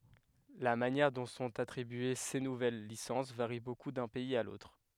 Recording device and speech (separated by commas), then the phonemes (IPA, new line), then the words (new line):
headset microphone, read sentence
la manjɛʁ dɔ̃ sɔ̃t atʁibye se nuvɛl lisɑ̃s vaʁi boku dœ̃ pɛiz a lotʁ
La manière dont sont attribuées ces nouvelles licences varie beaucoup d’un pays à l’autre.